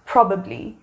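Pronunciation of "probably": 'probably' is pronounced correctly here.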